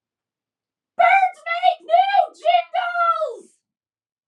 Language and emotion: English, neutral